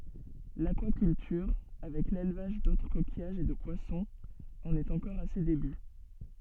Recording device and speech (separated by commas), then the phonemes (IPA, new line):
soft in-ear microphone, read sentence
lakwakyltyʁ avɛk lelvaʒ dotʁ kokijaʒz e də pwasɔ̃z ɑ̃n ɛt ɑ̃kɔʁ a se deby